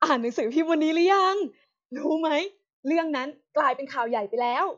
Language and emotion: Thai, happy